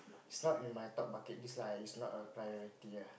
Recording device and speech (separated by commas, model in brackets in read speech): boundary microphone, conversation in the same room